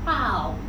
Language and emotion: Thai, neutral